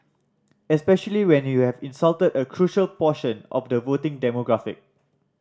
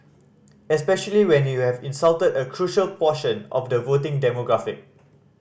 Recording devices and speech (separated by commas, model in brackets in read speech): standing microphone (AKG C214), boundary microphone (BM630), read sentence